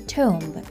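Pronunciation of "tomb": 'Tomb' is pronounced incorrectly here.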